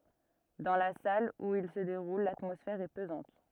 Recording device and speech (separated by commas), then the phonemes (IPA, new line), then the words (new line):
rigid in-ear microphone, read sentence
dɑ̃ la sal u il sə deʁul latmɔsfɛʁ ɛ pəzɑ̃t
Dans la salle où il se déroule, l'atmosphère est pesante.